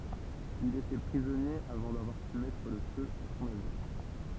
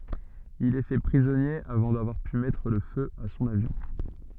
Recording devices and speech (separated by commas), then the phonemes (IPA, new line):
temple vibration pickup, soft in-ear microphone, read sentence
il ɛ fɛ pʁizɔnje avɑ̃ davwaʁ py mɛtʁ lə fø a sɔ̃n avjɔ̃